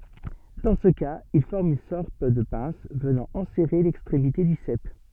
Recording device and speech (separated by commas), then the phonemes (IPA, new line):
soft in-ear microphone, read sentence
dɑ̃ sə kaz il fɔʁm yn sɔʁt də pɛ̃s vənɑ̃ ɑ̃sɛʁe lɛkstʁemite dy sɛp